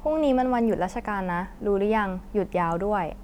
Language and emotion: Thai, neutral